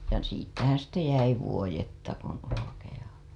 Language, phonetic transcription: Finnish, ja siittähää̰ sitte jäi 'vuojetta kun olokeja .
- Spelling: ja siitähän sitten jäi vuodetta kuin olkia

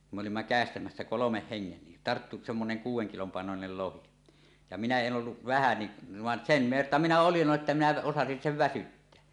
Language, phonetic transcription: Finnish, kum me olimma 'kä̀estämässä "kolomeh "heŋŋen ni , "tarttu 'semmoneŋ "kuuw̆weŋ kilom pàenonel 'lohi ja 'minä 'en 'ˀolluv 'vähä niˀ , 'vàen "sen̳ "verta minä 'olij 'jo että minä osasin "sev "väsytteä .
- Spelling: kun me olimme käestämässä kolmen hengen niin tarttui semmoinen kuuden kilon painoinen lohi ja minä en ollut vähän niin vaan sen verta minä olin jo että minä osasin sen väsyttää

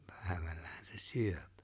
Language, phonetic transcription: Finnish, 'pä̀̀evällähän se "syöp .
- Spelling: päivällähän se syö

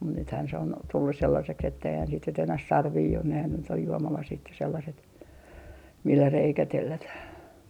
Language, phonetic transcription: Finnish, mut nythään se on 'tullus 'sellaseks etteihän sit nyt enäh "sarvii on nehän nyt ‿oj 'juomalasit ja 'sellaset , millä 'reikä 'tellätäh .
- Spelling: mutta nythän se on tullut sellaiseksi että eihän sitä nyt enää sarvia ole nehän nyt on juomalasit ja sellaiset millä reikä tellätään

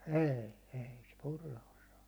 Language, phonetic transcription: Finnish, ɛ̀i , 'ei se "purra osaa .
- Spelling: ei ei se purra osaa

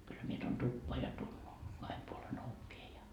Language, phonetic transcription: Finnish, kyllä mie tuon "tuppoa ja tu- , 'kahem puole'n ‿ovvie ja .
- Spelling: kyllä minä tuon tupaan ja - kahden puolen ovien ja

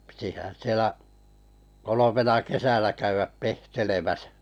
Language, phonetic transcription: Finnish, pitihän̬ 'sielä , 'kolomena "kesänä käyväp 'pehtelemäsᴀ̈ .
- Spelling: pitihän siellä kolmena kesänä käydä pehtelemässä

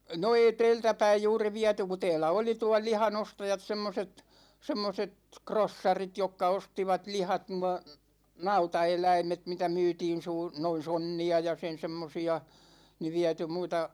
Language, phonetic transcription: Finnish, no 'ei "teeltä päij juuri 'viätu ku 'tɛɛlä oli tual̆ 'liha"n ‿ostajat 'semmoset , 'semmoset "krossarit 'jokka 'ostivat 'lihat nua , "nauta₍eläimet 'mitä 'myytiin suu- , 'noin̬ "sonni₍a ja 'sen 'semmosi₍a , ni 'viäty muita ,.
- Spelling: no ei täältä päin juuri viety kun täällä oli tuon lihan ostajat semmoiset semmoiset krossarit jotka ostivat lihat nuo nautaeläimet mitä myytiin - noin sonnia ja sen semmoisia niin viety muita

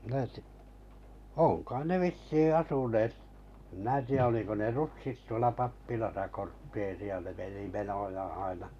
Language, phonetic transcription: Finnish, (mⁱnä ti--) , 'òŋ kai ne 'vissii 'asuneet , (em) mⁱnä ti₍ä oliko ne "rutsit tuola 'pappilasa 'kortteeri₍a ne meni "menojaa̰ 'aina .
- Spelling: minä - on kai ne vissiin asuneet en minä tiedä oliko ne rutsit tuolla pappilassa kortteeria ne meni menojaan aina

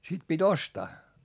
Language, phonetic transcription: Finnish, sit pit́ ‿ostaa .
- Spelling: sitten piti ostaa

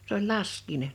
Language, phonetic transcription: Finnish, s ‿oĺ "lask̀iinen .
- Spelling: se oli laskiainen

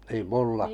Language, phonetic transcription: Finnish, niim 'mulla ?
- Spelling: niin minulla

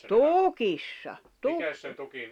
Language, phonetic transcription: Finnish, tùkissa , 'tukki ...
- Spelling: tukissa tukki

